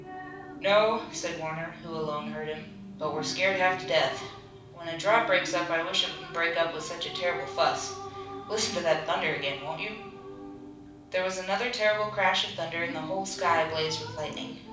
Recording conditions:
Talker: one person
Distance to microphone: 5.8 m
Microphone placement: far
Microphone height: 1.8 m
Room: medium-sized (5.7 m by 4.0 m)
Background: television

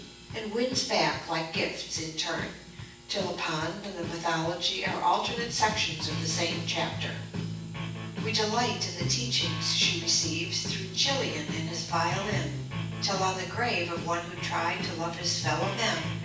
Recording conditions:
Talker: one person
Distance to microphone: 9.8 m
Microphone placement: far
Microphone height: 1.8 m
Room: large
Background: music

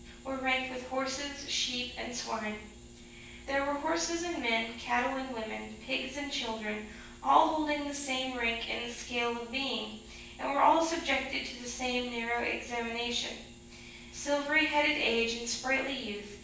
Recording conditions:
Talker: one person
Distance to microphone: 9.8 m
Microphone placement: far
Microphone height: 1.8 m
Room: large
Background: none

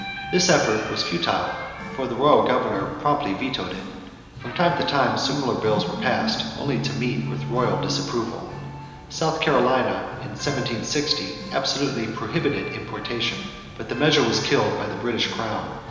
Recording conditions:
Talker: one person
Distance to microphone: 1.7 m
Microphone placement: close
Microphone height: 1.0 m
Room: very reverberant, large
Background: music

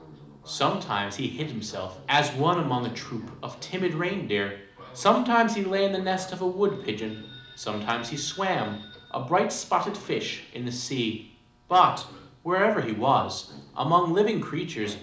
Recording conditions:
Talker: one person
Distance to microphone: 2.0 m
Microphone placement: close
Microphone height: 99 cm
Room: medium-sized (5.7 m by 4.0 m)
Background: television

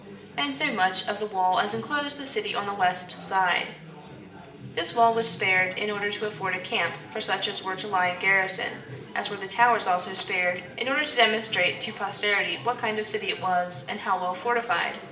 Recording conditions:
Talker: one person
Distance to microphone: 1.8 m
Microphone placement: close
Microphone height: 1.0 m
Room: large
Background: babble

